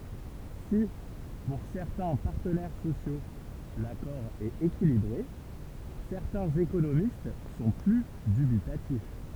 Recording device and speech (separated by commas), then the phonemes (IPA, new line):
temple vibration pickup, read sentence
si puʁ sɛʁtɛ̃ paʁtənɛʁ sosjo lakɔʁ ɛt ekilibʁe sɛʁtɛ̃z ekonomist sɔ̃ ply dybitatif